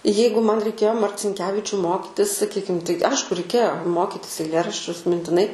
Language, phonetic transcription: Lithuanian, ˈjeigu ˈman reiˈkėjo marcinˈkevičiu ˈmokitis saˈkykim tai ˈaišku reiˈkėjo ˈmokitis eiˈlėraščius mintiˈnai

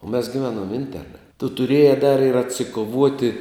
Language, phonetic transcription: Lithuanian, o mes giˈvenom ˈinterna tu tuˈrieja dar ir atsikoˈvuoti

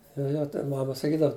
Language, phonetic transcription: Lithuanian, jo ˈjo ten ˈmama saˈkydav

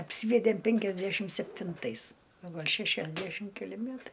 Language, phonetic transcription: Lithuanian, apˈsyvedėm penkiasˈdæšim septinˈtais o ˈgal' šešiasˈdæšim keˈli ˈmætai

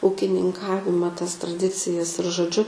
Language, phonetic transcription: Lithuanian, ūkininˈkavima tas traˈdicijas ir žoˈdžiu

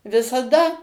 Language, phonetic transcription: Lithuanian, visaˈda

